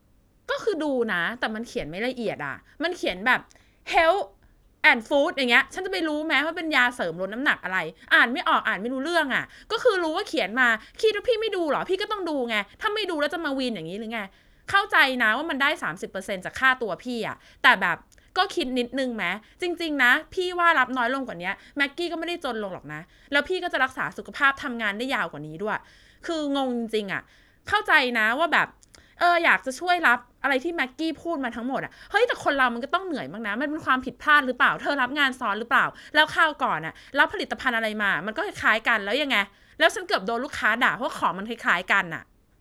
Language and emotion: Thai, frustrated